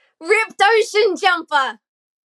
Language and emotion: English, happy